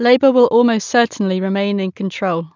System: none